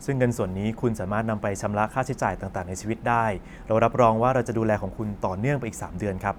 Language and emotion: Thai, neutral